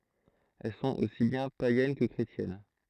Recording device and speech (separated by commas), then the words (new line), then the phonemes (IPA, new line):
throat microphone, read sentence
Elles sont aussi bien païennes que chrétiennes.
ɛl sɔ̃t osi bjɛ̃ pajɛn kə kʁetjɛn